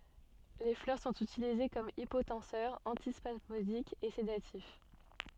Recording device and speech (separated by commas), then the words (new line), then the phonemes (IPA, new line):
soft in-ear microphone, read sentence
Les fleurs sont utilisées comme hypotenseur, antispasmodique et sédatif.
le flœʁ sɔ̃t ytilize kɔm ipotɑ̃sœʁ ɑ̃tispasmodik e sedatif